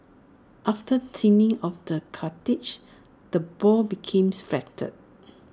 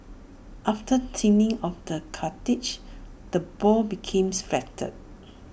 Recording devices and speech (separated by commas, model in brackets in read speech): standing microphone (AKG C214), boundary microphone (BM630), read sentence